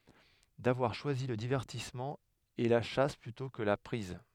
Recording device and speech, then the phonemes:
headset microphone, read sentence
davwaʁ ʃwazi lə divɛʁtismɑ̃ e la ʃas plytɔ̃ kə la pʁiz

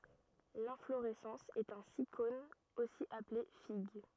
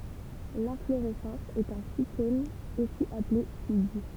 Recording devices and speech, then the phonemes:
rigid in-ear microphone, temple vibration pickup, read sentence
lɛ̃floʁɛsɑ̃s ɛt œ̃ sikon osi aple fiɡ

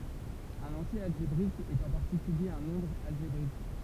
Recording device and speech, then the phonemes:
temple vibration pickup, read sentence
œ̃n ɑ̃tje alʒebʁik ɛt ɑ̃ paʁtikylje œ̃ nɔ̃bʁ alʒebʁik

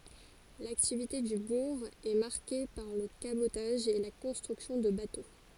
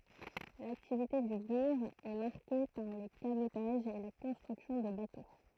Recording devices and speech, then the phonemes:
forehead accelerometer, throat microphone, read sentence
laktivite dy buʁ ɛ maʁke paʁ lə kabotaʒ e la kɔ̃stʁyksjɔ̃ də bato

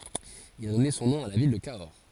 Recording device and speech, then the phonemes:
forehead accelerometer, read sentence
il a dɔne sɔ̃ nɔ̃ a la vil də kaɔʁ

